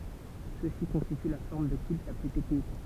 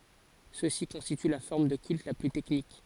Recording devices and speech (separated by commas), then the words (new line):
temple vibration pickup, forehead accelerometer, read sentence
Ceux-ci constituent la forme de culte la plus technique.